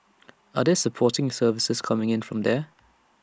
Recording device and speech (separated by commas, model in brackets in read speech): standing microphone (AKG C214), read sentence